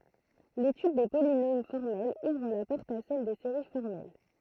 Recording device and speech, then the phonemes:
throat microphone, read sentence
letyd de polinom fɔʁmɛlz uvʁ la pɔʁt a sɛl de seʁi fɔʁmɛl

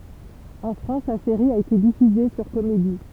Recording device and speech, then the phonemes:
temple vibration pickup, read sentence
ɑ̃ fʁɑ̃s la seʁi a ete difyze syʁ komedi

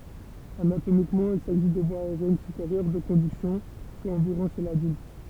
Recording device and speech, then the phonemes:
temple vibration pickup, read sentence
anatomikmɑ̃ il saʒi de vwaz aeʁjɛn sypeʁjœʁ də kɔ̃dyksjɔ̃ swa ɑ̃viʁɔ̃ ʃe ladylt

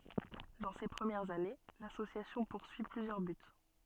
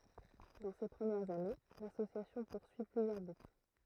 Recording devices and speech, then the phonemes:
soft in-ear microphone, throat microphone, read sentence
dɑ̃ se pʁəmjɛʁz ane lasosjasjɔ̃ puʁsyi plyzjœʁ byt

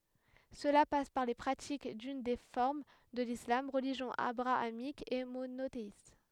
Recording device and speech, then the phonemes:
headset microphone, read sentence
səla pas paʁ le pʁatik dyn de fɔʁm də lislam ʁəliʒjɔ̃ abʁaamik e monoteist

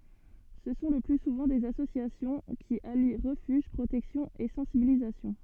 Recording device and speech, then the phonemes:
soft in-ear microphone, read sentence
sə sɔ̃ lə ply suvɑ̃ dez asosjasjɔ̃ ki ali ʁəfyʒ pʁotɛksjɔ̃ e sɑ̃sibilizasjɔ̃

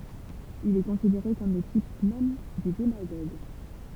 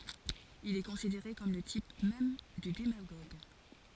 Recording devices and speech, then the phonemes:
temple vibration pickup, forehead accelerometer, read sentence
il ɛ kɔ̃sideʁe kɔm lə tip mɛm dy demaɡoɡ

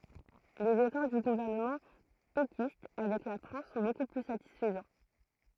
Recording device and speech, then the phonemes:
throat microphone, read sentence
lez efɔʁ dy ɡuvɛʁnəmɑ̃ pekist avɛk la fʁɑ̃s sɔ̃ boku ply satisfəzɑ̃

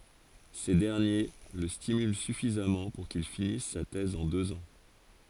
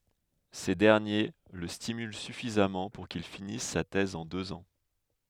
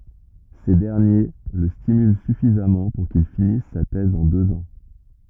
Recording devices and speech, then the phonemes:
forehead accelerometer, headset microphone, rigid in-ear microphone, read sentence
se dɛʁnje lə stimylɑ̃ syfizamɑ̃ puʁ kil finis sa tɛz ɑ̃ døz ɑ̃

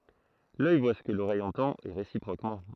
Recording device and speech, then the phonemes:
throat microphone, read sentence
lœj vwa sə kə loʁɛj ɑ̃tɑ̃t e ʁesipʁokmɑ̃

